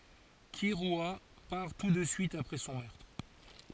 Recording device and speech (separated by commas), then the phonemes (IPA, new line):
forehead accelerometer, read sentence
kiʁya paʁ tu də syit apʁɛ sɔ̃ mœʁtʁ